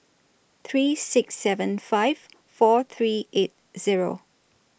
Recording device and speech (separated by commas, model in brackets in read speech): boundary microphone (BM630), read sentence